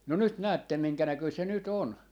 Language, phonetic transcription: Finnish, no 'nyt "näättem 'miŋkänäköi se 'ny't ‿on .
- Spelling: no nyt näette minkä näköinen se nyt on

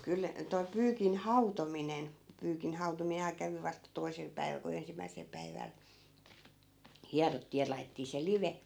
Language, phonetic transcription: Finnish, 'kyl , toi 'pyykin "hautominen , 'pyykin hautomiinhaa 'kävi vasta 'toi̮sel päiväl ku 'ensimmäisel päiväl , 'hiarottii ja lai̮tettii se "live .
- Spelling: kyllä toi pyykin hautominen pyykin hautominenhan kävi vasta toisella päivällä kun ensimmäisellä päivällä hierottiin ja laitettiin se live

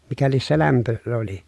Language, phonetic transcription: Finnish, mikä lies se lämpö , oli .
- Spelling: mikä lie se lämpö oli

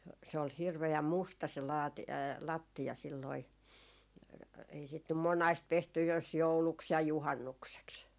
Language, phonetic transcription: Finnish, se ol 'hirve₍äm "musta se laati- , 'lattia silloi , ei sit nym "monaist 'pestyj jos "jouluks ja "juhannukseks .
- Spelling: se oli hirveän musta se - lattia silloin ei sitä nyt monasti pesty jos jouluksi ja juhannukseksi

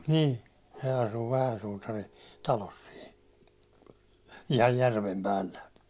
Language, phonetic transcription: Finnish, ni , se asu 'vähän sutarin , 'talos sin , ihaj 'järvem 'pällä .
- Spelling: niin se asui vähän suutarin talossa sinne ihan järven päällä

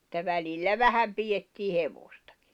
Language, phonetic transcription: Finnish, [et]tä 'välillä "vähäm 'pijettii 'hevostᴀkɪ .
- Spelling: että välillä vähän pidettiin hevostakin

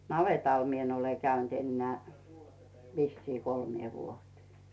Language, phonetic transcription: Finnish, navètal 'mie ‿n ‿ole käynt ennᵉä̀ , vissii 'kolmⁱè 'vuotⁱᴇ .
- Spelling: navetalla minä en ole käynyt enää vissiin kolmeen vuoteen

